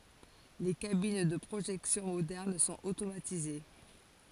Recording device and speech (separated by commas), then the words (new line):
forehead accelerometer, read sentence
Les cabines de projection modernes sont automatisées.